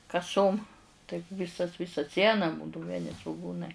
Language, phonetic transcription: Lithuanian, kaˈsom taip ˈvisas ˈvisa ˈsiena ˈbūdau vieˈni svuˈgūnai

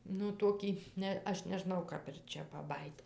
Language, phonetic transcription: Lithuanian, nu ˈtokį ˈne ˈaš neˈžnau ˈkap ir ˈčia paˈbajyt

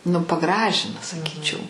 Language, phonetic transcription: Lithuanian, nu paˈgražina saˈkyčiau

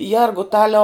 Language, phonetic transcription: Lithuanian, ˈjergutaliau

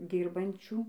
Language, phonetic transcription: Lithuanian, ˈdyrbančių

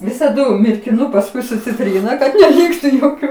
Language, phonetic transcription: Lithuanian, visaˈdu mirkiˈnu pasˈkui su ciˈtryna kad neˈlyktu joˈkių

